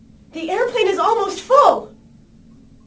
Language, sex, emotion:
English, female, fearful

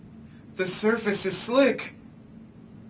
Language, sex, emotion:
English, male, fearful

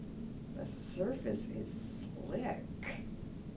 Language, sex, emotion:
English, female, neutral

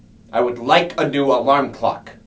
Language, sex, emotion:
English, male, angry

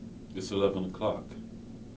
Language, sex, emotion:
English, male, neutral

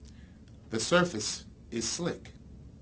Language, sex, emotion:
English, male, neutral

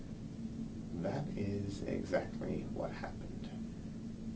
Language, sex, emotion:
English, male, neutral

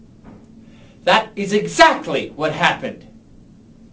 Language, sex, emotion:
English, male, angry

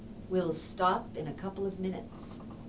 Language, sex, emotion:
English, female, neutral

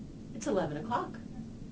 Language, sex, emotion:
English, female, happy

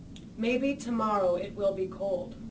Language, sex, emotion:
English, female, neutral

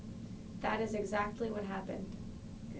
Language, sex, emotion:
English, female, neutral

